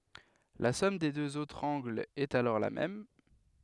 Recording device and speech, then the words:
headset microphone, read sentence
La somme des deux autres angles est alors la même.

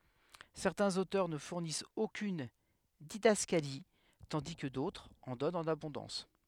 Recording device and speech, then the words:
headset microphone, read sentence
Certains auteurs ne fournissent aucune didascalie, tandis que d'autres en donnent en abondance.

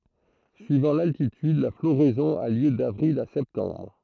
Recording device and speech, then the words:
throat microphone, read sentence
Suivant l'altitude, la floraison a lieu d'avril à septembre.

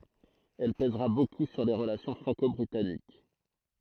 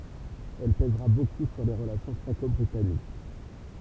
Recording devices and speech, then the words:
throat microphone, temple vibration pickup, read sentence
Elle pèsera beaucoup sur les relations franco-britanniques.

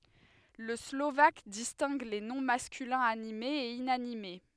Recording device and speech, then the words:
headset microphone, read sentence
Le slovaque distingue les noms masculins animés et inanimés.

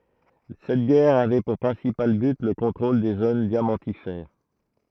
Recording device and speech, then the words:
throat microphone, read sentence
Cette guerre avait pour principal but le contrôle des zones diamantifères.

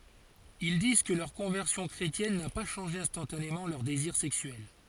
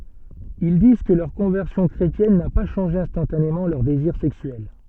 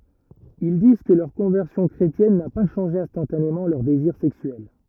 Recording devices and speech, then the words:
forehead accelerometer, soft in-ear microphone, rigid in-ear microphone, read sentence
Ils disent que leur conversion chrétienne n'a pas changé instantanément leurs désirs sexuels.

